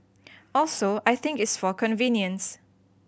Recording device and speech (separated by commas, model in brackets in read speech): boundary microphone (BM630), read sentence